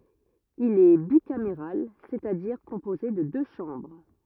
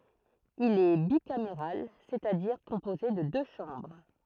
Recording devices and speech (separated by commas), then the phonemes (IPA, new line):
rigid in-ear microphone, throat microphone, read sentence
il ɛ bikameʁal sɛt a diʁ kɔ̃poze də dø ʃɑ̃bʁ